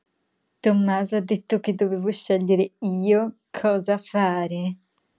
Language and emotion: Italian, disgusted